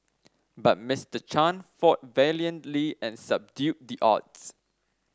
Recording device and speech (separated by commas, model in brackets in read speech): standing microphone (AKG C214), read sentence